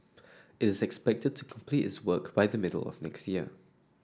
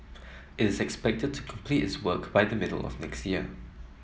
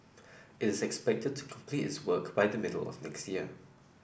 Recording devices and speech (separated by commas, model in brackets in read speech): standing microphone (AKG C214), mobile phone (iPhone 7), boundary microphone (BM630), read sentence